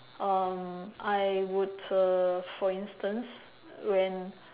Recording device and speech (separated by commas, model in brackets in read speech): telephone, conversation in separate rooms